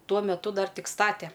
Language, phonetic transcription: Lithuanian, ˈtuo meˈtu ˈdar ˈtik ˈstate

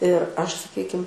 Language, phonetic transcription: Lithuanian, ir ˈaš saˈkykim

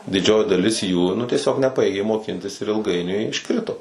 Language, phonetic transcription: Lithuanian, diˈdžioji daˈlis jų nu tieˈsiog neˈpajėgė moˈkintis ir ilˈgainiui išˈkrito

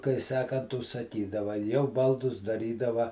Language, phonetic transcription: Lithuanian, kai ˈsakant užsaˈkydava jau ˈbaldus daˈrydava

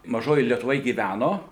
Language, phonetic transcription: Lithuanian, maˈžojoj lietuˈvoj gyˈvæno

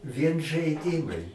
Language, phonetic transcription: Lithuanian, vien žaiˈdimai

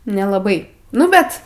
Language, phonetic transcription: Lithuanian, nelaˈbai ˈnu bet

